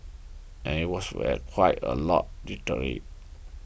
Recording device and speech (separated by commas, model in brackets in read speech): boundary microphone (BM630), read sentence